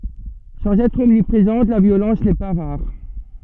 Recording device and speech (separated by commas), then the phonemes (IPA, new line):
soft in-ear microphone, read sentence
sɑ̃z ɛtʁ ɔmnipʁezɑ̃t la vjolɑ̃s nɛ pa ʁaʁ